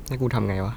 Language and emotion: Thai, frustrated